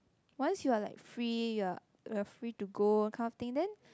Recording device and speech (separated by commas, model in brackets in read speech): close-talking microphone, conversation in the same room